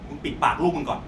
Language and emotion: Thai, angry